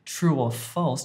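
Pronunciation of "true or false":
In 'true or false', an extra w sound is added between 'true' and 'or', linking the two words.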